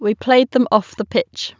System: none